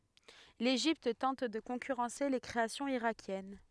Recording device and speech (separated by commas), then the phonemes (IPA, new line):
headset microphone, read sentence
leʒipt tɑ̃t də kɔ̃kyʁɑ̃se le kʁeasjɔ̃z iʁakjɛn